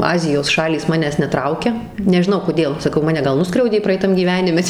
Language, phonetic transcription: Lithuanian, ˈazijos ˈšalys ˈmanęs neˈtraukia nežiˈnau koˈdėl saˈkau ˈmane ˈgal ˈnuskriaudė praeiˈtam gyˈvenime

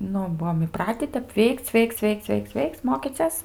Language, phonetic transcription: Lithuanian, ˈnu ˈbuom iˈpratį ˈtep ˈveikc ˈveikc ˈveikc ˈveikc ˈveikc ˈmokyces

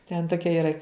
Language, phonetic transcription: Lithuanian, ten ˈtokia yˈra

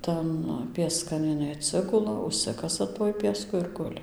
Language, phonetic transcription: Lithuanian, ˈtan pieˈskan iˈnai atˈsigula užˈsikasa tuoj pieˈsku ir ˈguli

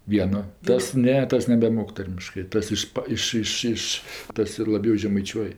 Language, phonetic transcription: Lithuanian, ˈvieno ˈtas ˈne ˈtas nebeˈmok ˈtarmiškɜ ˈtas ˈišpa ˈiš ˈiš ˈiš ˈtas ir laˈbiau žemaiˈčiuoj

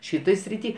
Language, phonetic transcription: Lithuanian, ˈšitoj sriˈty

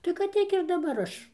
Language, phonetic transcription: Lithuanian, tai kad ˈtiek ir daˈbar ˈaš

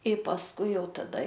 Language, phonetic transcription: Lithuanian, i pasˈkui ˈjau taˈda

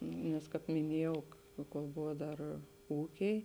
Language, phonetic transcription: Lithuanian, nes ˈkāp miˈniejau kol ˈbuvo ˈdar ˈūkiai

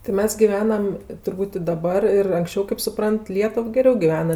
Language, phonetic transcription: Lithuanian, ti ˈmes giˈvenam turˈbūt' i daˈbar ir anksˈčiau kaip suˈprant ˈlietuv geˈriau giˈvena

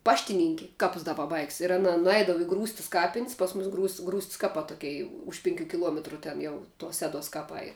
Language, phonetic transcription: Lithuanian, ˈpaštininki ˈkapus da paˈbaigs ir aˈna nuˈeidava i ˈgrūstis ˈkapin's' ˈpas ˌmus ˈgrūst's' grūst's' ˈkapā ˈtokei ˈuž pinˌkių kiˈluometru ˈten jau tuos ˈseˌduos kaˈpai

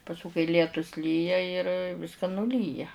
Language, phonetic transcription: Lithuanian, pasˈku kai ˈlietus ˈlyja ir ˈviska nuˈlyja

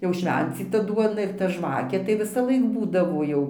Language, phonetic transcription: Lithuanian, jau ˈšvencyta ˈduona ir ta ˈžvakė tai visaˈlaik ˈbūdavo ˈjau

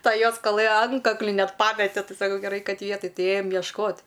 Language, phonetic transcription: Lithuanian, ˈta ˈjos kaˈlɘ ˈantkakli ˈnet ˈpamete ˈti saˈkau geˈrai ˈkad ˈvietaj ˈti ˈėjam jiešˈkot

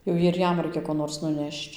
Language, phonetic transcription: Lithuanian, jau ir ˈjam ˈraikia ko ˈnors nuˈnešč

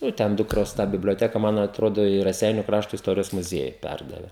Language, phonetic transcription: Lithuanian, ˈjau ten ˈdukros tą biblioˈteka ˈman atˈrodo i raˈseiniu ˈkrašto isˈtorijos muˈzieju ˈpærdave

